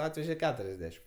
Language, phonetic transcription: Lithuanian, ˈatveže ˈketuriasˌdešim

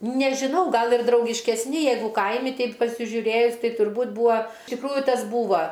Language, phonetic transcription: Lithuanian, nežiˈnau ˈgal ir draugiškesˈni ˈjeigu ˈkaimi ˈteip pasižiuˈrėjus ˈtai turˈbūt ˈbua iš tikˈrųju ˈtas ˈbūva

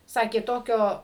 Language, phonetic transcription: Lithuanian, ˈsakė ˈtokio

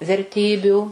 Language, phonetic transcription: Lithuanian, verˈtybių

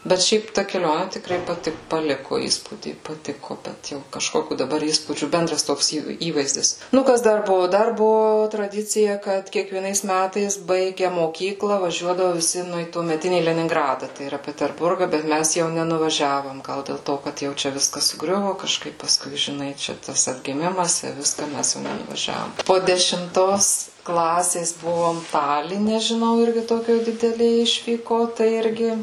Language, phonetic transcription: Lithuanian, bet ˈšiaip ˈta keˈlioni tikˈrai paˈti paˈliku ˈįspūdį paˈtiku bet ˈjau kažˈkokių daˈbar ˈįspūdžių ˈbendras ˈtoks ˈįvai ˈįvaizdis ˈnu ˈkas ˈdar ˈbuvu ˈdar ˈbuvu traˈdicija ˈkad kiekvieˈnais ˈmætais ˈbaige moˈkyklą vaˈžiuodavu viˈsi nu į tuomeˈtinį leninˈgrada tai yˈra peterˈburga bet ˈmæs jau nenuvaˈžiavom ˈgal dėl ˈto kad jau ˈčia ˈviskas suˈgriuvo kažˈkaip pasˈkui žiˈnai ˈčia ˈtas atgiˈmimas i ˈviska ˈmæs jau nenuvaˈžiavom po dešimˈtos ˈklasės ˈbuvom ˈtaline žiˈnau ˈirgi ˈtokioj dideˈlė ˈišvyko ˈtai ˈirgi

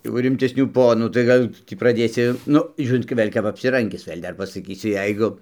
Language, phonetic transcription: Lithuanian, jau rimtesˈnių ˈponų tai kaˈdu ˈtį praˈdėsi ˈnu ˈžiūrint gi ˈvėl' kap apsiˈrangis ˈvėl' ˈdar pasaˈkysi ˈjeigu

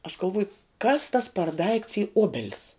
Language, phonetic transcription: Lithuanian, aš galˈvuoju kas tas per daikts y ˈobelis

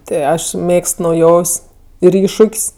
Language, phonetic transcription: Lithuanian, ˈti ˈaš ˈmėgst nauˈjov's' ir ˈiššuk's'

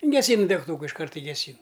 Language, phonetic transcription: Lithuanian, geˈsynu degˈtūka išˈkart i geˈsyn

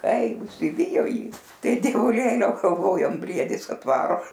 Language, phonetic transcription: Lithuanian, ˈkai užsiˈvijo ˈjį ˈtai dievuˈlėliau galˈvojom ˈbriedis atˈvaro

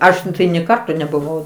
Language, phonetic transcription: Lithuanian, ˈaš tai nė ˈkarto nebuˈvau

